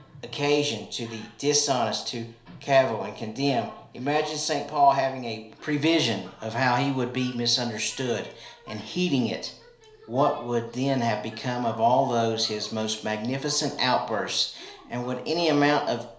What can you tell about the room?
A small space (about 3.7 m by 2.7 m).